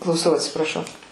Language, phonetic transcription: Lithuanian, klauˈsau atsipraˈšau

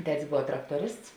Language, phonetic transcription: Lithuanian, ˈtetis ˈbova ˈtraktoˌrists

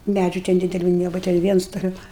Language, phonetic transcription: Lithuanian, ˈmædžiu ten dideˈliu nieˈbuva ten ˈviens toˈliau

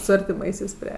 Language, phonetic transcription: Lithuanian, su artiˈmaisiais ˈprie

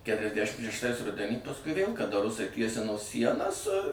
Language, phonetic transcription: Lithuanian, ˈketriasdæšim šešˈtais ˈrudenį pasˈkui vėl kaˈda ˈrusai ˈtiesino ˈsienas

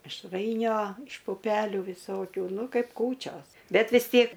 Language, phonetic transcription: Lithuanian, mišˈrainio iš puˈpelių viˈsokių ˈnu ˈkaip ˈkūčios ˈbet vis ˈtiek

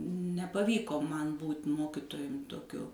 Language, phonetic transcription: Lithuanian, nepaˈvyko ˈman ˈbūt' ˈmokitojum toˈkiu

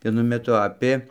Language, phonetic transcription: Lithuanian, vieˈnu meˈtu ˈapė

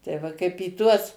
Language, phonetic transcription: Lithuanian, tai ˈva kaip į ˈtuos

